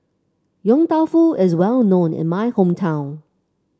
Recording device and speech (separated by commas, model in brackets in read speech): standing microphone (AKG C214), read sentence